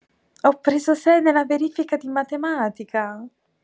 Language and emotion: Italian, surprised